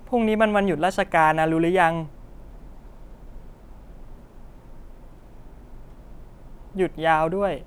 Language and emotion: Thai, neutral